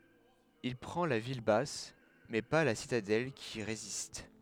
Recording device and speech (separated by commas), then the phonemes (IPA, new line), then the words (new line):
headset microphone, read sentence
il pʁɑ̃ la vil bas mɛ pa la sitadɛl ki ʁezist
Il prend la ville basse, mais pas la citadelle qui résiste.